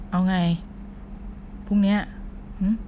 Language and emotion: Thai, frustrated